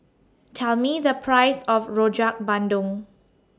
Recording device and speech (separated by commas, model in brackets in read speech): standing microphone (AKG C214), read sentence